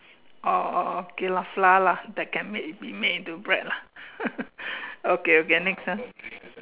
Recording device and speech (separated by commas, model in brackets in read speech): telephone, conversation in separate rooms